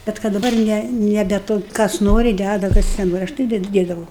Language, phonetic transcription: Lithuanian, ˈbet kad daˈbar ˈne neˈbe ˈto ˈkas ˈnori ˈdæda ˈkas neˈnori ˈaš tai ˈded ˈdėdavau

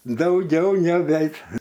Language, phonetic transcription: Lithuanian, dauˈgiau neˈbeit

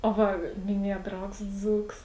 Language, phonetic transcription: Lithuanian, o ˈva miˈnieja ˈdraugs ˈdzūks

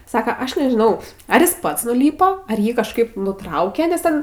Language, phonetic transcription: Lithuanian, ˈsaka ˈaš nežiˈnau ˈar jis ˈpats nuˈlypo ar ˈjį kažˈkaip nuˈtrauke nes ˈten

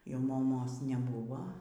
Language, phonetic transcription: Lithuanian, jau moˈmos neˈbuvo

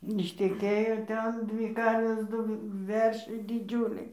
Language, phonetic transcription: Lithuanian, išteˈkėjo ˈten ˈdvy ˈkarvės ˈdu ˈveršiai diˈdžiūliai

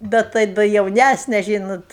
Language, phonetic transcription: Lithuanian, ˈbet tai da jauˈnæsne ˈžynot

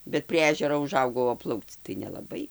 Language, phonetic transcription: Lithuanian, bet prie ˈežero uˈžaugau o ˈplaukc tai nelaˈbai

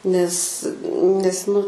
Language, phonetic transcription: Lithuanian, nes ˈnes nu

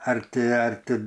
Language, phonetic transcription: Lithuanian, ar ˈti ar ˈti

